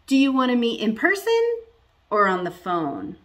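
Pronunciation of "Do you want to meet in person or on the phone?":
In this either-or question, the voice rises at the beginning and falls at the end.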